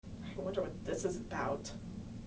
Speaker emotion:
neutral